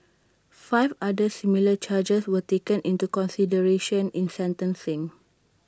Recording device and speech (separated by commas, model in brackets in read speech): standing microphone (AKG C214), read sentence